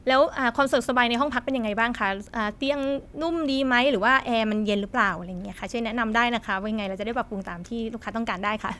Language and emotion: Thai, neutral